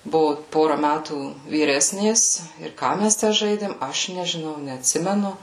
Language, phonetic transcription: Lithuanian, ˈbuvu ˈpora ˈmætų vyˈresnės ir ˈką mes tę ˈžaidėm ˈaš nežiˈnau neatˈsimenu

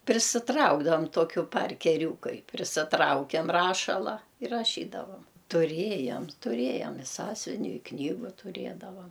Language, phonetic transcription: Lithuanian, prisiˈtraukdavam ˈtokiu parkeˈriūkai prisiˈtraukiam ˈrašala ir raˈšydavam tuˈrėjam tuˈrėjam i ˈsąsiuviniu i ˈknygu tuˈrėdavam

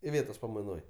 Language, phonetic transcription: Lithuanian, iˈvėtos pamaiˈnoj

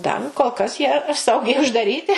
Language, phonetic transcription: Lithuanian, ˈdar kol kas ˈjie ˈsaugiai uždaˈryti

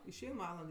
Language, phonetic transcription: Lithuanian, išˈein ˈvaland

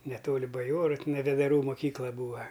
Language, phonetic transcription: Lithuanian, neˈtoli baˈjoru tiˈnai vedaˈrų moˈkykla ˈbūa

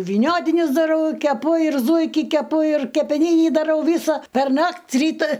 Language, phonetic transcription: Lithuanian, vyˈniotinis daˈrau keˈpu ir ˈzūiki keˈpu ir kepeˈnynį daˈrau ˈvysa perˈnakt' ˈryta

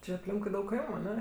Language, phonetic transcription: Lithuanian, ˈči apˈlinkui ˈdaug ˈkaimu aˈne

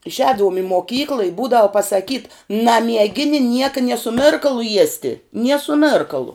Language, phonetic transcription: Lithuanian, išˈēdavum i moˈkyklɨ i ˈbūdavu pasaˈkyt namieˈgini ˈnieka nie su ˈmirkalu ˈjiesti nie su ˈmėrkalu

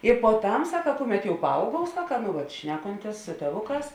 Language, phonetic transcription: Lithuanian, i poˈtam ˈsaka ˈkuˌmet jau paˈauguov ˈsaka nu ˈvat ˈšnekontės su tėˈvuˌkās

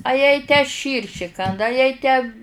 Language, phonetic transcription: Lithuanian, a jai tę ˈšyrši ˈkanda a jai tę

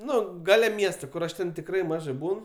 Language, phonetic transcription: Lithuanian, ˈnu ˈgale ˈmiesto ˈkur aš ˈten tikˈrai ˈmažai ˈbūn

